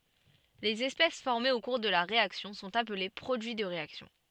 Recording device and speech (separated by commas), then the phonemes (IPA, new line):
soft in-ear microphone, read sentence
lez ɛspɛs fɔʁmez o kuʁ də la ʁeaksjɔ̃ sɔ̃t aple pʁodyi də ʁeaksjɔ̃